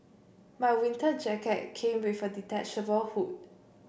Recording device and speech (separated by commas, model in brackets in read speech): boundary microphone (BM630), read sentence